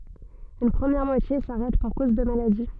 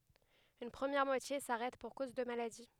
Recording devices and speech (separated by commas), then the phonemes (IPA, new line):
soft in-ear microphone, headset microphone, read sentence
yn pʁəmjɛʁ mwatje saʁɛt puʁ koz də maladi